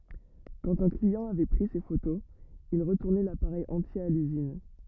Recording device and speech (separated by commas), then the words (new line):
rigid in-ear microphone, read sentence
Quand un client avait pris ses photos, il retournait l'appareil entier à l'usine.